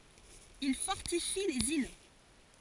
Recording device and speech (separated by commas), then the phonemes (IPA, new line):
forehead accelerometer, read sentence
il fɔʁtifi lez il